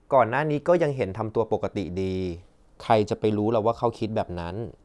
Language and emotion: Thai, neutral